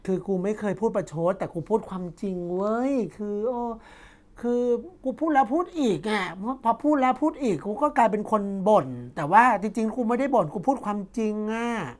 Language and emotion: Thai, frustrated